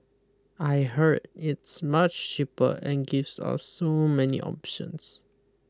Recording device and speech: close-talking microphone (WH20), read sentence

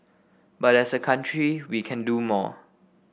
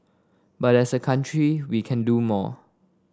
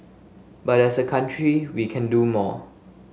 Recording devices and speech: boundary microphone (BM630), standing microphone (AKG C214), mobile phone (Samsung S8), read sentence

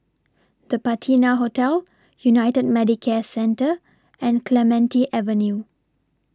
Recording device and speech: standing microphone (AKG C214), read sentence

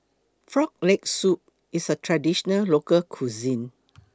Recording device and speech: close-talking microphone (WH20), read sentence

